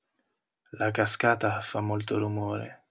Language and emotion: Italian, sad